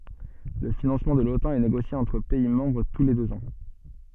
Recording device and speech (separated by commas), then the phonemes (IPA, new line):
soft in-ear microphone, read sentence
lə finɑ̃smɑ̃ də lotɑ̃ ɛ neɡosje ɑ̃tʁ pɛi mɑ̃bʁ tu le døz ɑ̃